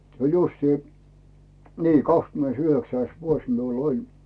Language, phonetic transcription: Finnish, se oĺ 'justii , "nii , 'kakskymᵉneis"yhöksäis 'vuos miul ‿"oĺ .
- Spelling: se oli justiin niin kahdeskymmenesyhdeksäs vuosi minulla oli

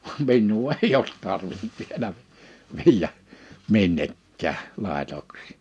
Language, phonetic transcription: Finnish, vam 'minnuu "eij ‿oot 'tarvint 'vielä , 'viijä , 'minnekkä̀ʰ , 'làetoksɪ .
- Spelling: vaan minua ei ole tarvinnut vielä viedä minnekään laitoksiin

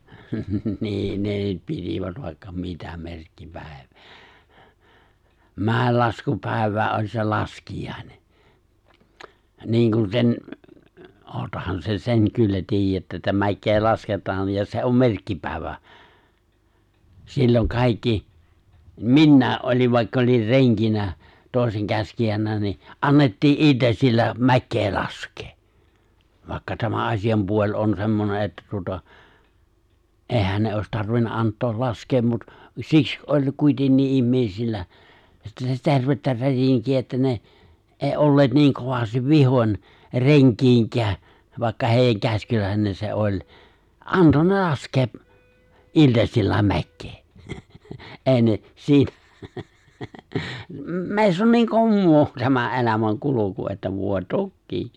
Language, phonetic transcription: Finnish, 'nii 'ne nyt 'pitivät vài̬kka 'mitä 'merkkipä̀ev(iä) , 'mä̀ellaskupài̬v̀äe ’oĺ se 'laskijàene , 'niiŋkun sen , '’oottahan sen 'seŋ kyllä 'ti̬ij̆jättä eᵗtä 'mäkkee 'lasket̀aan̬ ja se 'om "merkkipä̀i̬vä , silloŋ 'kàikki , "minnä̀e’ ’oliv 'vàikka olin̬ 'reŋkinä , 'tòisen 'käskijänä ni , '’annettii’ '’il̜tasil̜l̜a 'mäkkee 'lask̀ee , 'vàikka tämä 'aśi₍ampuo͕ĺ on semmone ’että tuota , '’èhän ne òis 'tarvinna 'ant̀ool 'laskeem mut , 'siks ’oĺ 'kuitennii '’immèisillä , (sitä) 'tervettä 'rätiŋki₍ä että ne , '’èi '’olleet niiŋ 'kovastiv "vihoń , 'reŋk̀iiŋkää , vàikka 'hèijäŋ 'käskylä̀enen se '’oĺ , '’anto ne 'laskee’ , '’iĺtasil̜l̜a 'mäkkee , (nauraa) '’è̬i ne , 'siitä , 'mè̬iss ‿on niiŋ ('kommoo) , tämä '’elämäŋ 'kulu̬ku että 'vòe "tökkii .
- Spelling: niin ne nyt pitivät vaikka mitä merkkipäiviä mäenlaskupäivä oli se laskiainen niin kuin sen olettehan sen sen kyllä tiedätte että mäkeä lasketaan ja se on merkkipäivä silloin kaikki minäkin olin vaikka olin renkinä toisen käskijänä niin annettiin iltasilla mäkeä laskea vaikka tämä asianpuoli on semmoinen että tuota eihän ne olisi tarvinnut antaa laskea mutta siksi oli kuitenkin ihmisillä sitä tervettä rätinkiä että ne ei olleet niin kovasti vihoin renkiinkään vaikka heidän käskyläinen se oli antoi ne laskea iltasilla mäkeä - ei ne siitä meissä on niin - tämä elämän kulku että voi tokiin

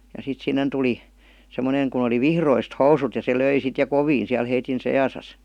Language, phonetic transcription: Finnish, ja 'sit 'sinnen tuli , 'semmoneŋ kun ‿oli "vihroist 'housut ja se "löi sit ja "koviin̬ siäl heitin "sejasas .
- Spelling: ja sitten sinne tuli semmoinen kun oli vihdoista housut ja se löi sitten ja kovin siellä heidän seassaan

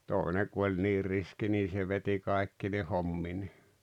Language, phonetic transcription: Finnish, 'tòeneᵑ ku oĺ niir 'riski nii se 'veti 'kàekkine 'homminee .
- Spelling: toinen kun oli niin riski niin se veti kaikkine hommineen

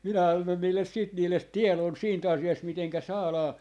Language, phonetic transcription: Finnish, minä annon niilles siit 'niillet "tielon 'siin't ‿asi₍ast 'miteŋkä 'saalaa ,.
- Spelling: minä annoin niille sitten niille tiedon siitä asiasta miten saadaan

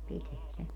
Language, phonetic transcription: Finnish, 'piteä 'se .
- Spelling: pitää se

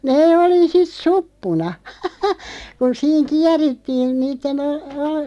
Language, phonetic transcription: Finnish, 'nee 'oli "sit "suppuna , kun 'siiŋ 'kiärittiin niitten ‿o- , o- ,.
- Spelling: ne oli sitten suppuna kun siinä kierittiin niiden - -

